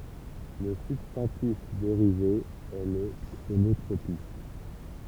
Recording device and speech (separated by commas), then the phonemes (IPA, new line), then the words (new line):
temple vibration pickup, read sentence
lə sybstɑ̃tif deʁive ɛ lə kʁonotʁopism
Le substantif dérivé est le chronotropisme.